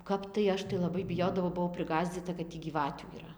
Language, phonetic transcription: Lithuanian, ˈkap tai ˈaš tai laˈbai biˈjodavau buˈvau priˈgąsdzyta kad ˈtį gyˈvatių yˈra

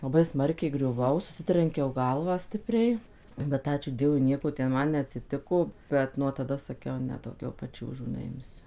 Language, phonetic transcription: Lithuanian, laˈbai ˈsmarkiai griuˈvau suˈsitrenkiau ˈgalvą ˈstipriai bet ˈačiū ˈdievui ˈnieko ten ˈman neatsiˈtiko ˈbet nuo taˈda saˈkiau ˈne dauˈgiau paˈčiūžų neˈimsiu

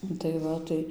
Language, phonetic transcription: Lithuanian, ˈnu tai ˈva tai

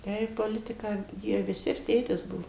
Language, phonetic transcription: Lithuanian, ˈtai poˈlitiką ˈjie viˈsi ir ˈtėtis ˈbuo

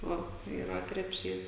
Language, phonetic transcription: Lithuanian, ˈva yˈra krepˈšys

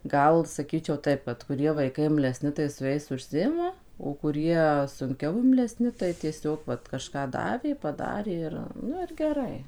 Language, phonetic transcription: Lithuanian, ˈgal saˈkyčiau ˈtaip vat kuˈrie vaiˈkai imleˈsni tai su ˈjais užˈsiima o kuˈrie sunˈkiau imleˈsni tai tieˈsiog ˈvat kažˈką ˈdavė paˈdarė ir ˈnu ir geˈrai

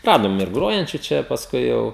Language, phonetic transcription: Lithuanian, ˈradom ir ˈgrojančiu ˈčia pasˈkui jau

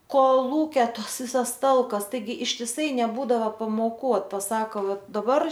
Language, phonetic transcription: Lithuanian, koˈlūkia ˈtas ˈvisas ˈtalkas ˈtaigi ištiˈsai neˈbūdava pamoˈkų ot paˈsako ˈva daˈbar

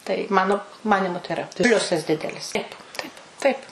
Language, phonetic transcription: Lithuanian, tai ˈmano ˈmanimu tai iˈra ˈpliusas ˈdidelis ˈtaip ˈtaip ˈ taip

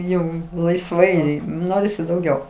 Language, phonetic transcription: Lithuanian, ˈjau laisˈvai ˈnorisi dauˈgiau

